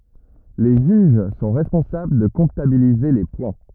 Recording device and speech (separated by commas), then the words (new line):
rigid in-ear microphone, read sentence
Les juges sont responsables de comptabiliser les points.